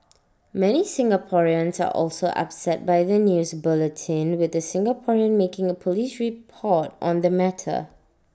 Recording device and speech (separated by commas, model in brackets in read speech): standing microphone (AKG C214), read sentence